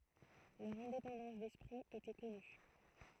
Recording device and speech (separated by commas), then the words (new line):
throat microphone, read sentence
Leur indépendance d'esprit était connue.